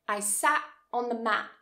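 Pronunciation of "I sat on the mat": In 'I sat on the mat', a glottal stop is used at the end of words. This is an informal pronunciation that is very common all over the UK.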